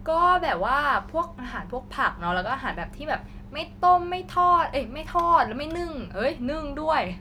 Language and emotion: Thai, neutral